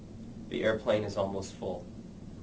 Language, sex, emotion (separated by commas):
English, male, neutral